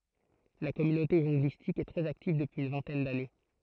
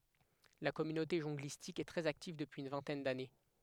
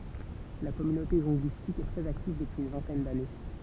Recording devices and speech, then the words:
throat microphone, headset microphone, temple vibration pickup, read sentence
La communauté jonglistique est très active depuis une vingtaine d’années.

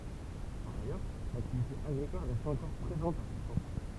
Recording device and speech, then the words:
temple vibration pickup, read sentence
Par ailleurs, l'activité agricole reste encore présente à Seichamps.

